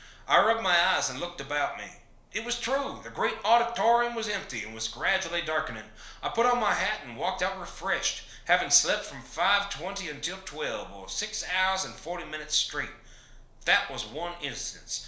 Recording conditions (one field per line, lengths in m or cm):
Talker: one person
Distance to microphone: 1.0 m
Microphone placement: close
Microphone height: 1.1 m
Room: small (3.7 m by 2.7 m)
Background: none